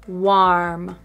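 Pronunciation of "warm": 'warm' is pronounced correctly here.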